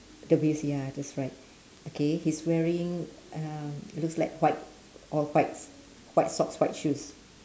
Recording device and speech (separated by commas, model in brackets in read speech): standing microphone, conversation in separate rooms